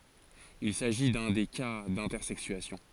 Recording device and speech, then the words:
forehead accelerometer, read sentence
Il s'agit d'un des cas d'intersexuation.

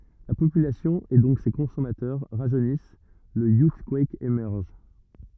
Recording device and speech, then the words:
rigid in-ear microphone, read sentence
La population, et donc ses consommateurs, rajeunissent, le Youthquake émerge.

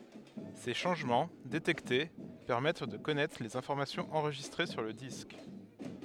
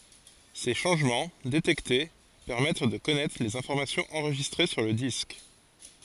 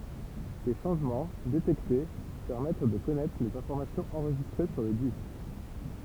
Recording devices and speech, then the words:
headset microphone, forehead accelerometer, temple vibration pickup, read sentence
Ces changements, détectés, permettent de connaître les informations enregistrées sur le disque.

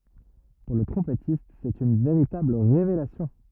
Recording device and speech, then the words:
rigid in-ear microphone, read sentence
Pour le trompettiste, c'est une véritable révélation.

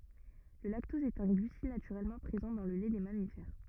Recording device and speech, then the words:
rigid in-ear microphone, read sentence
Le lactose est un glucide naturellement présent dans le lait des mammifères.

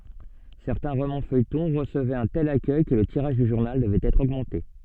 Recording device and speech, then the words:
soft in-ear microphone, read sentence
Certains romans-feuilletons recevaient un tel accueil que le tirage du journal devait être augmenté.

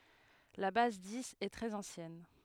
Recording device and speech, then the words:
headset microphone, read sentence
La base dix est très ancienne.

